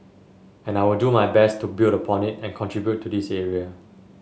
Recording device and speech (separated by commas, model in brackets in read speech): mobile phone (Samsung S8), read sentence